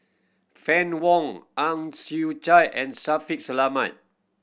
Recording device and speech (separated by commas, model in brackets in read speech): boundary microphone (BM630), read sentence